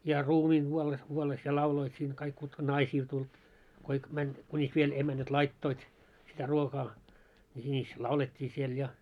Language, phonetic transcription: Finnish, ja "ruumiiŋ 'ɢuolles kuolles ja "lauloit siiŋ kaik kutka "naisiil tuĺ , koik mäń , kuńis 'viel 'emänät "laittoit , sitä ruokaa , ni sińis "laulet́t́ii siel ja .
- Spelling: ja ruumiin kuollessa kuollessa ja lauloivat siinä kaikki kutka naisilla tuli kaikki meni kunis vielä emännät laittoivat sitä ruokaa niin sinis laulettiin siellä ja

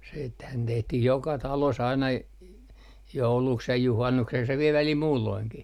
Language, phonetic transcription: Finnish, siithän 'tehtih joka 'talos aina , j - 'jouluks ja 'juhannukseks ja viel 'välil "muulloiŋki .
- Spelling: sittenhän tehtiin joka talossa aina - jouluksi ja juhannukseksi ja vielä välillä muulloinkin

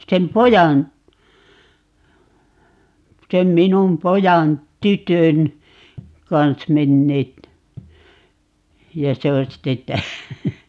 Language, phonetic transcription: Finnish, 'sem "pojan , 'sem "minum 'pojan , 'tytön , 'kans 'menneet , ja 'se on 'sitte 'tää - ,.
- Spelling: sen pojan sen minun pojan tytön kanssa menneet ja se on sitten -

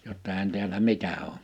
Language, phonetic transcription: Finnish, jotta èihän tiälä "mitä oo . «
- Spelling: jotta eihän täällä mitään ole

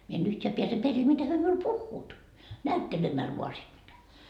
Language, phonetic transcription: Finnish, mie en 'yhteä piäse 'peril mitä hyö miul "puhhuut , "näyttelemäl vua sii mitä .
- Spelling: minä en yhtään pääse perille mitä he minulle puhuvat näyttelemällä vain siinä mitä

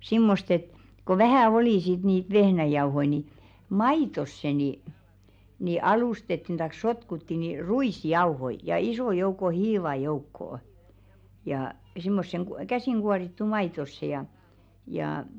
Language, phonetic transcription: Finnish, 'simmost ‿et , ko 'vähä̀ "olì sit niit 'vehnäjauhoi ni , "maitosse ni , ni 'alustettin taik "sotkutti ni "ru₍is'jauhoi , ja 'isò jouko "hiiva 'joukkoo , jà simmosseŋ ku- "käsìŋ ɢuarittu 'maitosse ja , jaa .
- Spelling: semmoista että kun vähän oli sitten niitä vehnäjauhoja niin maitoon niin niin alustettiin tai sotkuttiin niin ruisjauhoja ja ison joukon hiivaa joukkoon ja semmoiseen - käsin kuorittuun maitoon ja ja

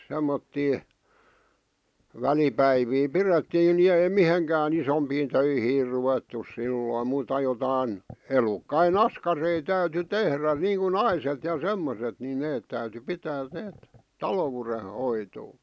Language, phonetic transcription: Finnish, 'semmottii , 'välipäivii "pirettiin ni ei "miheŋkää'n ‿isompiin 'töihiir ruvettus 'sillòⁱ muuta jotain , 'elukkai"n ‿askarei täyty "tehrä niiŋku "naiset ja "semmoset ni neet täyty 'pitää 'neet , "talowure'hoitoo .
- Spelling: semmoisia välipäiviä pidettiin niin ei mihinkään isompiin töihin ruvettu silloin muuta jotakin elukoiden askareita täytyi tehdä niin kuin naiset ja semmoiset niin ne täytyi pitää ne taloudenhoitoa

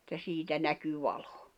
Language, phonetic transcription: Finnish, [et]tä 'siitä näky 'vaʟᴏ .
- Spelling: että siitä näkyi valo

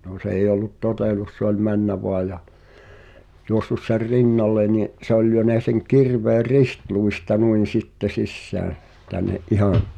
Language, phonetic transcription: Finnish, no 's ‿eij̆j ‿ol̆lut "totèlus se ‿oĺ "männä 'voa ja , 'juossus ser "rinnal̆le ńi’ , 'se ‿ol lyönä seŋ "kirveer̆ "ristluista nuin̬ 'sitte 'sissään̬ , tän̆ne’ '’ihaa̰ ,.
- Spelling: no se ei ollut totellut se oli mennyt vain ja juossut sen rinnalle niin se oli lyönyt sen kirveen ristiluista noin sitten sisään tänne ihan

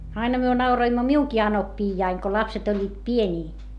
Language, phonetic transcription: Finnish, aina myö nauroimmo miuŋki anoppiijjaiŋ ko lapset ‿oĺĺiit pieńii .
- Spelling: aina me nauroimme minunkin anoppiani kun lapset olivat pieniä

